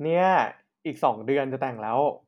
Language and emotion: Thai, happy